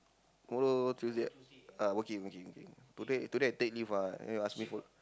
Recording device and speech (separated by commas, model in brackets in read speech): close-talking microphone, conversation in the same room